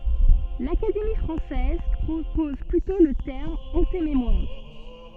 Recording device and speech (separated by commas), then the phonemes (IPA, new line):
soft in-ear microphone, read sentence
lakademi fʁɑ̃sɛz pʁopɔz plytɔ̃ lə tɛʁm ɑ̃tememwaʁ